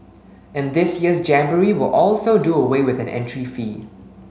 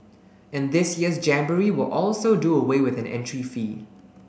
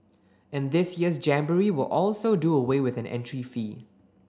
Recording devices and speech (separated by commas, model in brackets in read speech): mobile phone (Samsung S8), boundary microphone (BM630), standing microphone (AKG C214), read sentence